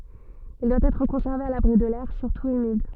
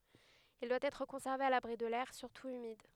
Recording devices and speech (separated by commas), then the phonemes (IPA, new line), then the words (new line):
soft in-ear microphone, headset microphone, read sentence
il dwa ɛtʁ kɔ̃sɛʁve a labʁi də lɛʁ syʁtu ymid
Il doit être conservé à l'abri de l'air, surtout humide.